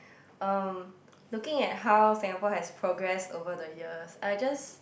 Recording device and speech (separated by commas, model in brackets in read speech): boundary microphone, conversation in the same room